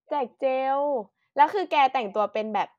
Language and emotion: Thai, neutral